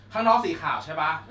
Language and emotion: Thai, neutral